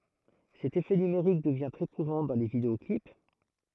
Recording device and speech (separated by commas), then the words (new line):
throat microphone, read sentence
Cet effet numérique devient très courant dans les vidéo-clips.